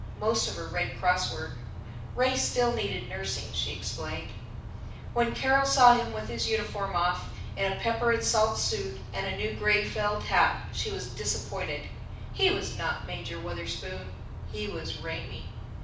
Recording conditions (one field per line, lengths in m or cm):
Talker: one person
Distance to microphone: 5.8 m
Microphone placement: far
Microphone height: 1.8 m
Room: medium-sized (5.7 m by 4.0 m)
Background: none